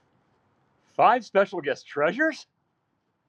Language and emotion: English, surprised